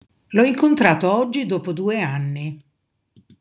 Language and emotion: Italian, neutral